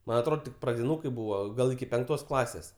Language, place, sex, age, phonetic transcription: Lithuanian, Aukštaitija, male, 18-60, ˈman' atˈrod tik pradiˈnūkai ˈbūva ˈgal iki penkˈtos ˈklasės

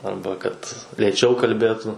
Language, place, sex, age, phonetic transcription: Lithuanian, Suvalkija, male, 18-60, ˈarba kad lėˈčiau kalˈbėtu

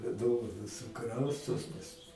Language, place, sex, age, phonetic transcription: Lithuanian, Aukštaitija, male, 60+, ˈdovanos suˈkraustos pas

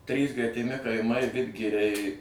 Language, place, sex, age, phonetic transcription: Lithuanian, Suvalkija, male, 60+, ˈtrys gretiˈmi kaiˈmai ˈvidgiriai

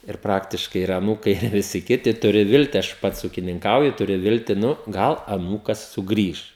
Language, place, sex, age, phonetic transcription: Lithuanian, Žemaitija, male, 18-60, ir ˈpraktiškai ir aˈnūkai ir viˈsi ˈkiti ˈturi ˈvilti ˈaš ˈpats ukininˈkauju tuˈriu ˈvilti ˈnu ˈgal aˈnūkas suˈgrįš

